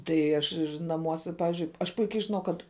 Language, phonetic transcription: Lithuanian, tai ˈaš naˈmuose ˈpavizdžiui aš ˈpuikiai žiˈnau ˈkad

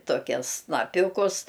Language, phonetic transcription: Lithuanian, toˈkias snaˈpiūkus

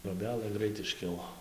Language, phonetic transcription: Lithuanian, troˈbelɘ ˈgrait išˈkilo

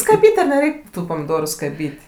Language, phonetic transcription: Lithuanian, skaˈbyt' ar neˈreik' ˈtų pamiˈdoru skaˈbyt'

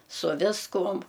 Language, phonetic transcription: Lithuanian, su ˈviskum

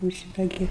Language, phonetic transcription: Lithuanian, jūu ˈšita ˈgi

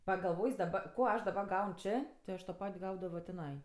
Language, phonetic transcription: Lithuanian, pagalˈvojs daˈba ˈko ˈaš daˈba ˈgaun ˈčė ti ˈaš to ˈpat' ˈgaudavo tiˈnai

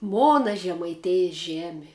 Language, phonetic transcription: Lithuanian, ˈmona žemaiˈtėjis ˈžemi

